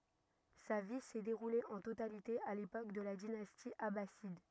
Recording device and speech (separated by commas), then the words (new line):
rigid in-ear microphone, read sentence
Sa vie s'est déroulée en totalité à l'époque de la dynastie abbasside.